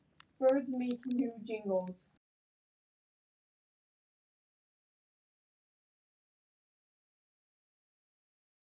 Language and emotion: English, fearful